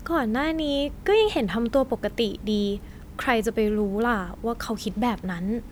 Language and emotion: Thai, happy